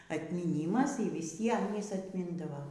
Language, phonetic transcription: Lithuanian, atmyˈnymas y viˈsiem ˈjis atˈmindavo

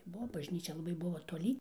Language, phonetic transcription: Lithuanian, ˈbuo bažˈnyčia laˈbai ˈbuvo toˈly

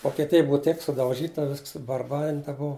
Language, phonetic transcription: Lithuanian, vokeˈtija ˈbuva ˈteip sudauˈžyta ˈvisks subarˈbarinta ˈbuvu

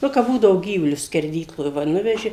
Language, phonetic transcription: Lithuanian, ˈnu kap ˈbūdavo ˈgyvulius skerˈdykloj va ˈnuveži

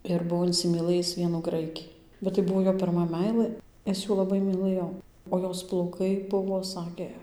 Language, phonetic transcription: Lithuanian, ir ˈbuo insimyˈlɘjis ˈvienų ˈgraiki bet tai ˈbuo ˈjo pirˈma ˈmeilɘ ˈis ˈjų laˈbai myˈlɘjo o ˈjos plauˈkai ˈbuvo ˈsakė

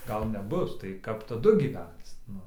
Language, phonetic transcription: Lithuanian, ˈgal neˈbus tai ˈkap taˈdu gyˈvenc ˈnu

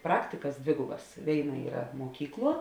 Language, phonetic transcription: Lithuanian, ˈpraktikas ˈdvėgubas ˈvėiˌna ˈyra ˈmuokykˌluo

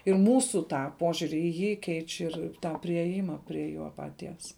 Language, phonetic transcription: Lithuanian, ir ˈmūsų ˈtą ˈpožiuri į ˈjį ˈkeič' ir ˈtą priėˈjima prie ˈjo paˈties

